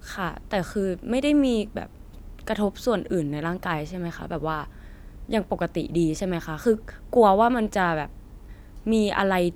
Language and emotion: Thai, neutral